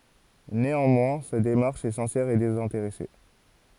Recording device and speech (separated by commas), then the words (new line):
forehead accelerometer, read sentence
Néanmoins, sa démarche est sincère et désintéressée.